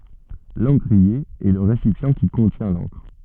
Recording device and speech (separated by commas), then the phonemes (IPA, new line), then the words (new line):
soft in-ear microphone, read sentence
lɑ̃kʁie ɛ lə ʁesipjɑ̃ ki kɔ̃tjɛ̃ lɑ̃kʁ
L'encrier est le récipient qui contient l'encre.